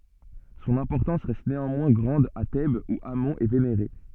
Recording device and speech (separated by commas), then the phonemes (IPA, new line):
soft in-ear microphone, read sentence
sɔ̃n ɛ̃pɔʁtɑ̃s ʁɛst neɑ̃mwɛ̃ ɡʁɑ̃d a tɛbz u amɔ̃ ɛ veneʁe